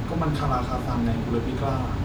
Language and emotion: Thai, frustrated